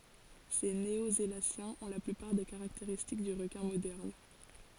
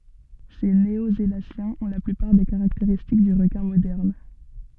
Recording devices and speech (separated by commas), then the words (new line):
forehead accelerometer, soft in-ear microphone, read sentence
Ces néosélaciens ont la plupart des caractéristiques du requin moderne.